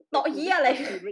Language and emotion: Thai, happy